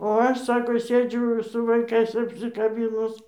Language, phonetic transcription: Lithuanian, o ˈaš ˈsako ˈsėdžiu su vaiˈkais apsikaˈbynus

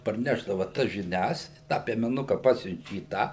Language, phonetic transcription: Lithuanian, parˈnešdava tas žiˈnias tą piemeˈnuka ˈpasiunčia į ˈtą

